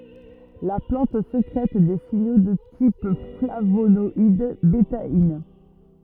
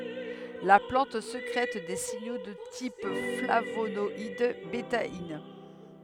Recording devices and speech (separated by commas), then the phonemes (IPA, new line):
rigid in-ear microphone, headset microphone, read sentence
la plɑ̃t sekʁɛt de siɲo də tip flavonɔid betain